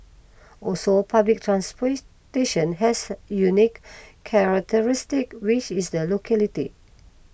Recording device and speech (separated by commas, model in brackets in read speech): boundary microphone (BM630), read sentence